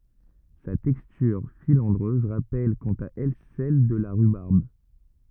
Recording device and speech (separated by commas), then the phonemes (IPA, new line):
rigid in-ear microphone, read sentence
sa tɛkstyʁ filɑ̃dʁøz ʁapɛl kɑ̃t a ɛl sɛl də la ʁybaʁb